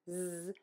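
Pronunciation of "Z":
A z sound, said on its own, with the voice on throughout.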